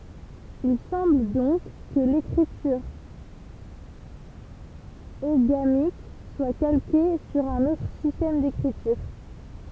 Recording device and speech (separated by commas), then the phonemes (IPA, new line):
temple vibration pickup, read sentence
il sɑ̃bl dɔ̃k kə lekʁityʁ oɡamik swa kalke syʁ œ̃n otʁ sistɛm dekʁityʁ